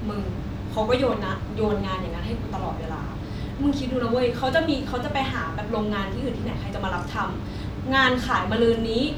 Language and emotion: Thai, frustrated